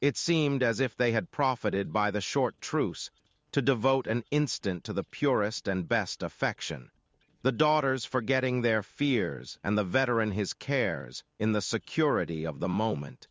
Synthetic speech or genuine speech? synthetic